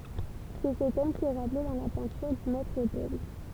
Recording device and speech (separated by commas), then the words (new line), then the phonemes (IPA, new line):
temple vibration pickup, read sentence
C'est ce thème qui est rappelé dans la peinture du maître-autel.
sɛ sə tɛm ki ɛ ʁaple dɑ̃ la pɛ̃tyʁ dy mɛtʁ otɛl